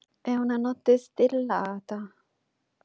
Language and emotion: Italian, sad